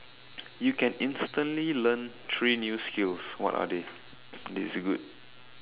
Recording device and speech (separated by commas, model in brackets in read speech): telephone, conversation in separate rooms